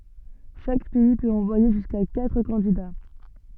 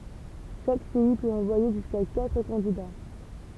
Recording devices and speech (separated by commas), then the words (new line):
soft in-ear microphone, temple vibration pickup, read sentence
Chaque pays peut envoyer jusqu'à quatre candidats.